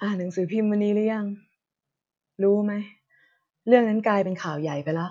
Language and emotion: Thai, frustrated